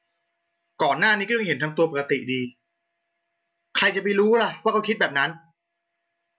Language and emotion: Thai, angry